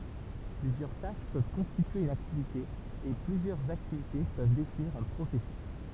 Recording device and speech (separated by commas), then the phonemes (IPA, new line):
temple vibration pickup, read sentence
plyzjœʁ taʃ pøv kɔ̃stitye yn aktivite e plyzjœʁz aktivite pøv definiʁ œ̃ pʁosɛsys